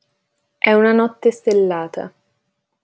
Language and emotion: Italian, neutral